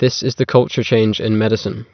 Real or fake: real